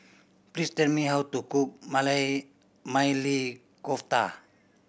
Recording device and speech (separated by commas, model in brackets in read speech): boundary microphone (BM630), read sentence